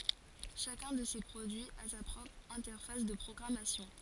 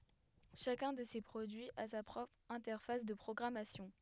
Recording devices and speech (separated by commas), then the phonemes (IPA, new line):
forehead accelerometer, headset microphone, read sentence
ʃakœ̃ də se pʁodyiz a sa pʁɔpʁ ɛ̃tɛʁfas də pʁɔɡʁamasjɔ̃